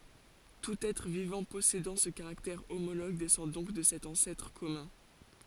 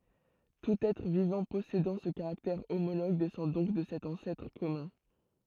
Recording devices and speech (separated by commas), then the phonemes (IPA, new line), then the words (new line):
forehead accelerometer, throat microphone, read sentence
tut ɛtʁ vivɑ̃ pɔsedɑ̃ sə kaʁaktɛʁ omoloɡ dɛsɑ̃ dɔ̃k də sɛt ɑ̃sɛtʁ kɔmœ̃
Tout être vivant possédant ce caractère homologue descend donc de cet ancêtre commun.